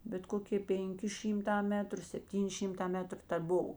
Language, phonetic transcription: Lithuanian, bet ˈkokė ˈpėnˌki ˈšymˌtā ˈmetru sepˈtyni ˈšimˌtā ˈmetru ta ˈbuv

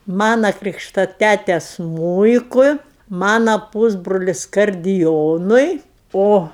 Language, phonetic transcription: Lithuanian, ˈmana ˈkrykšta ˈtæte ˈsmūikui ˈmana ˈpūsbrulis kardiˈjonui ˈo

